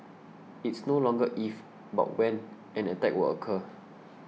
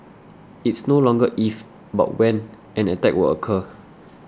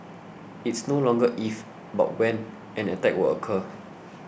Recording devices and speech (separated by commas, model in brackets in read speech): mobile phone (iPhone 6), standing microphone (AKG C214), boundary microphone (BM630), read sentence